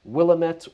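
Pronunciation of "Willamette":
'Willamette' is pronounced incorrectly here.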